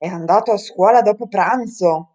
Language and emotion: Italian, surprised